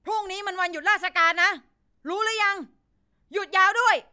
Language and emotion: Thai, angry